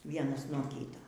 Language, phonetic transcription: Lithuanian, ˈvienas nuo ˈkyta

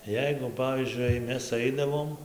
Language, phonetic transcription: Lithuanian, ˈjeigu ˈpavyzdžiui jei ˈmes ˈaidavom

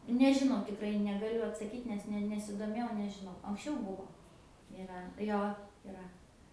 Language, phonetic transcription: Lithuanian, nu nežiˈnau tikˈrai negaˈliu atsaˈkyt nes ˈne nesidoˈmėjau nežiˈnau anksˈčiau ˈbuvo iˈra ˈjo iˈra

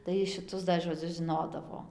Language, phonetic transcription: Lithuanian, tai šiˈtus da žoˈdzius žiˈnodavo

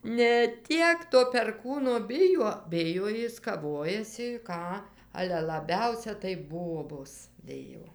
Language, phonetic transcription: Lithuanian, ne ˈtiek to perˈkūno ˈbijuo ˈbijo ˈjis kaˈvojasi ˈką ˈale laˈbiausia tai ˈbobos ˈbijo

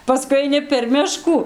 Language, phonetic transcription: Lithuanian, paˈskui aiˈni per ˈmiškų

